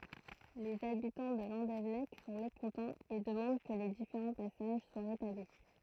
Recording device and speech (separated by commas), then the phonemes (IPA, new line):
throat microphone, read sentence
lez abitɑ̃ də lɑ̃devɛnɛk sɔ̃ mekɔ̃tɑ̃z e dəmɑ̃d kə le difeʁɑ̃ pasaʒ swa ʁetabli